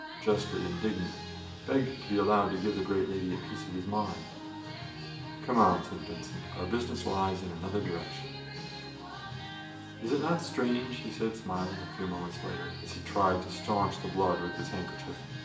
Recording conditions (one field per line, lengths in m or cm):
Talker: one person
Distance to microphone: 1.8 m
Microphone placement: close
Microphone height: 1.0 m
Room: large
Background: music